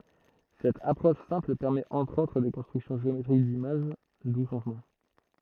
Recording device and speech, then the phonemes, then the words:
throat microphone, read sentence
sɛt apʁɔʃ sɛ̃pl pɛʁmɛt ɑ̃tʁ otʁ de kɔ̃stʁyksjɔ̃ ʒeometʁik dimaʒ du sɔ̃ nɔ̃
Cette approche simple permet entre autres des constructions géométriques d’images, d’où son nom.

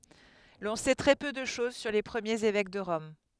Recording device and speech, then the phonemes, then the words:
headset microphone, read sentence
lɔ̃ sɛ tʁɛ pø də ʃɔz syʁ le pʁəmjez evɛk də ʁɔm
L'on sait très peu de chose sur les premiers évêques de Rome.

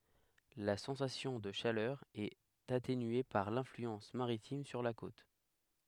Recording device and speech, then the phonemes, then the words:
headset microphone, read sentence
la sɑ̃sasjɔ̃ də ʃalœʁ ɛt atenye paʁ lɛ̃flyɑ̃s maʁitim syʁ la kot
La sensation de chaleur est atténuée par l'influence maritime sur la côte.

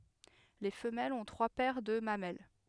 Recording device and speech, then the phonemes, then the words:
headset microphone, read sentence
le fəmɛlz ɔ̃ tʁwa pɛʁ də mamɛl
Les femelles ont trois paires de mamelles.

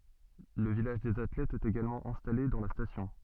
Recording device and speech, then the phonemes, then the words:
soft in-ear microphone, read sentence
lə vilaʒ dez atlɛtz ɛt eɡalmɑ̃ ɛ̃stale dɑ̃ la stasjɔ̃
Le village des athlètes est également installé dans la station.

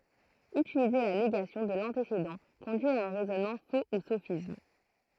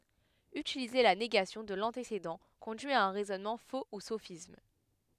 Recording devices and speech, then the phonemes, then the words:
throat microphone, headset microphone, read sentence
ytilize la neɡasjɔ̃ də lɑ̃tesedɑ̃ kɔ̃dyi a œ̃ ʁɛzɔnmɑ̃ fo u sofism
Utiliser la négation de l'antécédent conduit à un raisonnement faux ou sophisme.

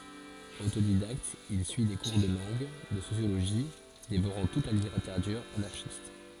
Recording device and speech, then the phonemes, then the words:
forehead accelerometer, read sentence
otodidakt il syi de kuʁ də lɑ̃ɡ də sosjoloʒi devoʁɑ̃ tut la liteʁatyʁ anaʁʃist
Autodidacte, il suit des cours de langue, de sociologie, dévorant toute la littérature anarchiste.

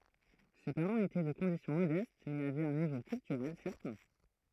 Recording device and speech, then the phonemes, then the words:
throat microphone, read sentence
se paʁɑ̃z etɛ də kɔ̃disjɔ̃ modɛst mɛz avɛt œ̃ nivo kyltyʁɛl sɛʁtɛ̃
Ses parents étaient de condition modeste mais avaient un niveau culturel certain.

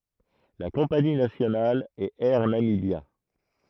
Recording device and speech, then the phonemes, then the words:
throat microphone, read sentence
la kɔ̃pani nasjonal ɛt ɛʁ namibja
La compagnie nationale est Air Namibia.

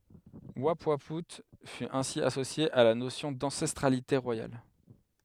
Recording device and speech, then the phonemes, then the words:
headset microphone, read sentence
upwau fy ɛ̃si asosje a la nosjɔ̃ dɑ̃sɛstʁalite ʁwajal
Oupouaout fut ainsi associé à la notion d'ancestralité royale.

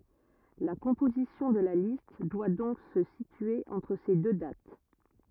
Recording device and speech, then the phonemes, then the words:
rigid in-ear microphone, read sentence
la kɔ̃pozisjɔ̃ də la list dwa dɔ̃k sə sitye ɑ̃tʁ se dø dat
La composition de la liste doit donc se situer entre ces deux dates.

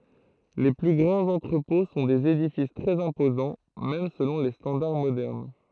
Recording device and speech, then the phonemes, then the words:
throat microphone, read sentence
le ply ɡʁɑ̃z ɑ̃tʁəpɔ̃ sɔ̃ dez edifis tʁɛz ɛ̃pozɑ̃ mɛm səlɔ̃ le stɑ̃daʁ modɛʁn
Les plus grands entrepôts sont des édifices très imposants, même selon les standards modernes.

